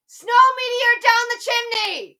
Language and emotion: English, neutral